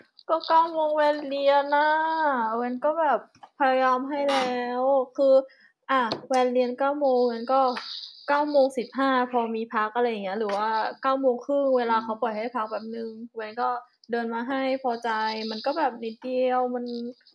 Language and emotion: Thai, frustrated